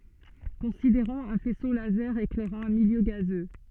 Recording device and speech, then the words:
soft in-ear microphone, read sentence
Considérons un faisceau laser éclairant un milieu gazeux.

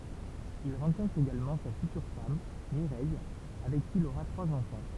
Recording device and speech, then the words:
temple vibration pickup, read sentence
Il rencontre également sa future femme, Mireille, avec qui il aura trois enfants.

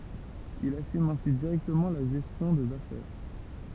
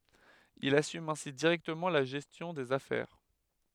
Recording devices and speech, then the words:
temple vibration pickup, headset microphone, read sentence
Il assume ainsi directement la gestion des affaires.

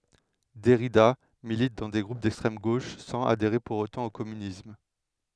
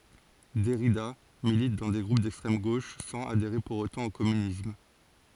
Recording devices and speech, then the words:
headset microphone, forehead accelerometer, read sentence
Derrida milite dans des groupes d'extrême gauche sans adhérer pour autant au communisme.

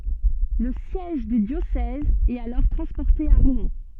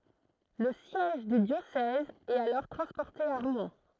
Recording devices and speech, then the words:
soft in-ear microphone, throat microphone, read sentence
Le siège du diocèse est alors transporté à Rouen.

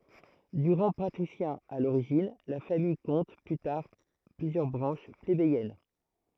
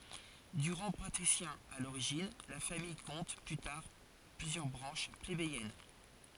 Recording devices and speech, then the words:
throat microphone, forehead accelerometer, read sentence
De rang patricien à l'origine, la famille compte plus tard plusieurs branches plébéiennes.

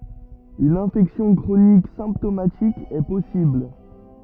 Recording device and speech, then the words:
rigid in-ear microphone, read sentence
Une infection chronique symptomatique est possible.

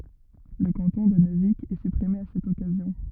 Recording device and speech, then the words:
rigid in-ear microphone, read sentence
Le canton de Neuvic est supprimé à cette occasion.

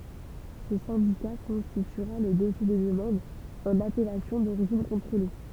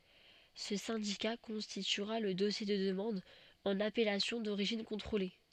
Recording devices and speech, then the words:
temple vibration pickup, soft in-ear microphone, read sentence
Ce syndicat constituera le dossier de demande en appellation d'origine contrôlée.

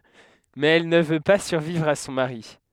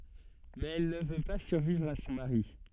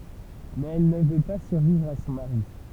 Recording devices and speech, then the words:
headset microphone, soft in-ear microphone, temple vibration pickup, read sentence
Mais elle ne veut pas survivre à son mari.

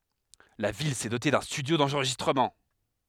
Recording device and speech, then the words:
headset microphone, read sentence
La ville s’est dotée d’un studio d’enregistrement.

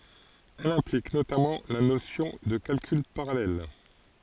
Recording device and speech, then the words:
forehead accelerometer, read sentence
Elle implique notamment la notion de calcul parallèle.

